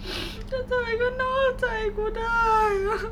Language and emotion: Thai, sad